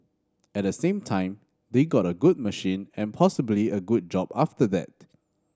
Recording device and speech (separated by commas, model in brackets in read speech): standing microphone (AKG C214), read sentence